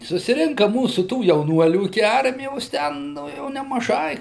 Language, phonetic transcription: Lithuanian, susiˈrinka ˈmūsu tų jauˈnuolių iki ˈarmijos ˈten ˈnu jau nemaˈžai

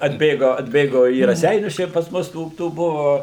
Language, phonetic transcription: Lithuanian, atˈbėgo atˈbėgo į raˈseinius ˈčia pas ˈmus ˈtų ˈtų ˈbuvo

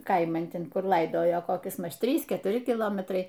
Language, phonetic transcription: Lithuanian, ˈkaiman ˈten ˈkur ˈlaidojo koˈkis ˈmaž ˈtrys ketuˈri kiˈlometrai

